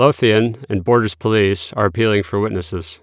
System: none